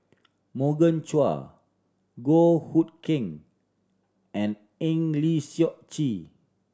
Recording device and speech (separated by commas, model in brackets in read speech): standing microphone (AKG C214), read sentence